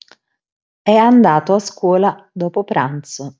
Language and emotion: Italian, neutral